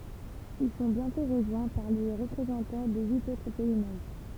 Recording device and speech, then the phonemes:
temple vibration pickup, read sentence
il sɔ̃ bjɛ̃tɔ̃ ʁəʒwɛ̃ paʁ le ʁəpʁezɑ̃tɑ̃ də yit otʁ pɛi mɑ̃bʁ

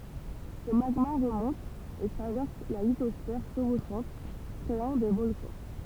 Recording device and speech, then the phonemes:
temple vibration pickup, read sentence
sə maɡma ʁəmɔ̃t e tʁavɛʁs la litɔsfɛʁ ʃəvoʃɑ̃t kʁeɑ̃ de vɔlkɑ̃

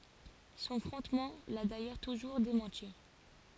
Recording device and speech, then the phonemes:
forehead accelerometer, read sentence
sɔ̃ fʁɔ̃tman la dajœʁ tuʒuʁ demɑ̃ti

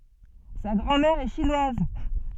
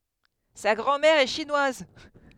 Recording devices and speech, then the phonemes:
soft in-ear microphone, headset microphone, read sentence
sa ɡʁɑ̃ mɛʁ ɛ ʃinwaz

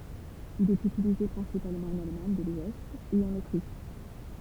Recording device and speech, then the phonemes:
temple vibration pickup, read sentence
il ɛt ytilize pʁɛ̃sipalmɑ̃ ɑ̃n almaɲ də lwɛst e ɑ̃n otʁiʃ

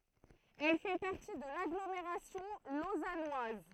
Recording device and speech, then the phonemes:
throat microphone, read sentence
ɛl fɛ paʁti də laɡlomeʁasjɔ̃ lozanwaz

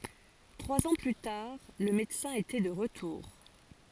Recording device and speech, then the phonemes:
forehead accelerometer, read sentence
tʁwaz ɑ̃ ply taʁ lə medəsɛ̃ etɛ də ʁətuʁ

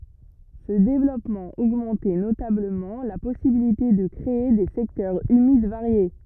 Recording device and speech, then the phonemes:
rigid in-ear microphone, read sentence
sə devlɔpmɑ̃ oɡmɑ̃tɛ notabləmɑ̃ la pɔsibilite də kʁee de sɛktœʁz ymid vaʁje

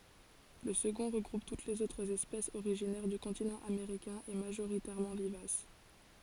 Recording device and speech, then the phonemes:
forehead accelerometer, read sentence
lə səɡɔ̃ ʁəɡʁup tut lez otʁz ɛspɛsz oʁiʒinɛʁ dy kɔ̃tinɑ̃ ameʁikɛ̃ e maʒoʁitɛʁmɑ̃ vivas

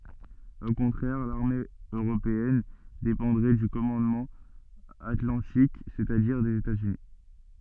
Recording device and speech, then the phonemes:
soft in-ear microphone, read sentence
o kɔ̃tʁɛʁ laʁme øʁopeɛn depɑ̃dʁɛ dy kɔmɑ̃dmɑ̃ atlɑ̃tik sɛt a diʁ dez etaz yni

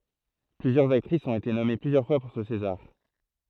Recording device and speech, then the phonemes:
throat microphone, read sentence
plyzjœʁz aktʁisz ɔ̃t ete nɔme plyzjœʁ fwa puʁ sə sezaʁ

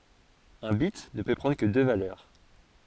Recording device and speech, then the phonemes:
forehead accelerometer, read sentence
œ̃ bit nə pø pʁɑ̃dʁ kə dø valœʁ

